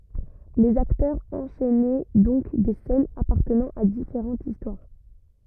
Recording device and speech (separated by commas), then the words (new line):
rigid in-ear microphone, read sentence
Les acteurs enchainaient donc des scènes appartenant à différentes histoires.